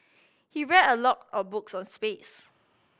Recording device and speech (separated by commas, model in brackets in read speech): boundary microphone (BM630), read sentence